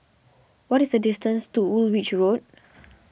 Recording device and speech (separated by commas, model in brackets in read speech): boundary microphone (BM630), read sentence